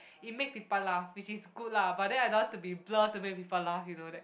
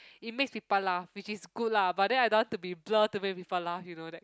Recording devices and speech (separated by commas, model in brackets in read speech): boundary microphone, close-talking microphone, conversation in the same room